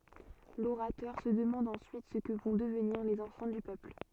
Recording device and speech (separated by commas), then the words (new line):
soft in-ear microphone, read sentence
L'orateur se demande ensuite ce que vont devenir les enfants du peuple.